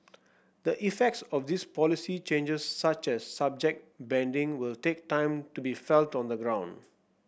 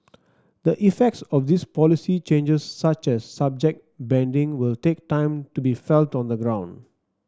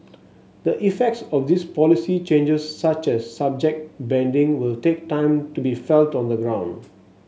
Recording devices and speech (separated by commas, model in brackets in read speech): boundary microphone (BM630), standing microphone (AKG C214), mobile phone (Samsung S8), read sentence